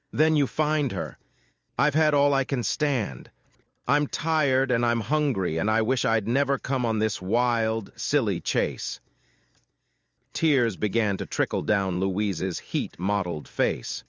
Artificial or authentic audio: artificial